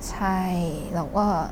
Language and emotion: Thai, sad